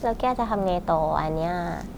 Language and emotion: Thai, neutral